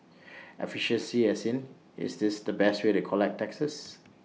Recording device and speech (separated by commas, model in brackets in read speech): mobile phone (iPhone 6), read sentence